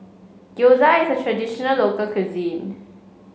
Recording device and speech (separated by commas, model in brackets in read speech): mobile phone (Samsung C5), read sentence